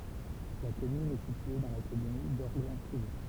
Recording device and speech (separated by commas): temple vibration pickup, read sentence